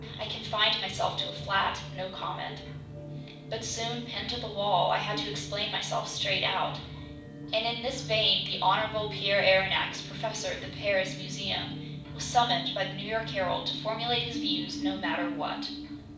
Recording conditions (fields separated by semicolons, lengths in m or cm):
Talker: one person; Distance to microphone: 5.8 m; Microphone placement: far; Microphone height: 1.8 m; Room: medium-sized (5.7 m by 4.0 m); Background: music